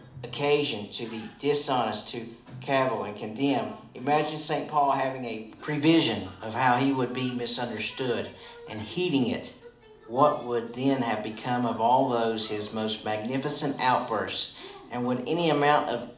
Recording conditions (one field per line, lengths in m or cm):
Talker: one person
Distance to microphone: 2.0 m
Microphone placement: close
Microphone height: 99 cm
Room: medium-sized (5.7 m by 4.0 m)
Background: television